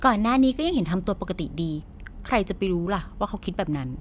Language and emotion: Thai, frustrated